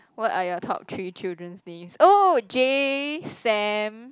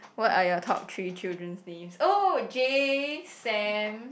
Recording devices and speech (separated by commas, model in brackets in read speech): close-talking microphone, boundary microphone, conversation in the same room